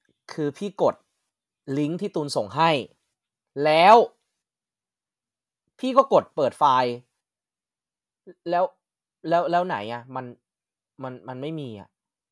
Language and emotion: Thai, angry